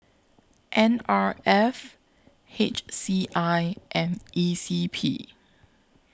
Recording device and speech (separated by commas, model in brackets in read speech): close-talking microphone (WH20), read sentence